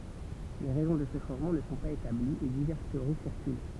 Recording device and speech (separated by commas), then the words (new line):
temple vibration pickup, read sentence
Les raisons de ce changement ne sont pas établies et diverses théories circulent.